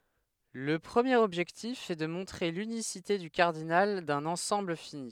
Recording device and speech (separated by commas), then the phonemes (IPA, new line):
headset microphone, read sentence
lə pʁəmjeʁ ɔbʒɛktif ɛ də mɔ̃tʁe lynisite dy kaʁdinal dœ̃n ɑ̃sɑ̃bl fini